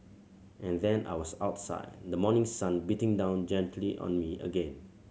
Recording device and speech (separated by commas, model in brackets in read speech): mobile phone (Samsung C7100), read sentence